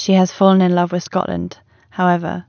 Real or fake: real